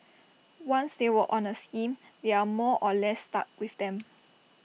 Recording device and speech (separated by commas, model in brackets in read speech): mobile phone (iPhone 6), read sentence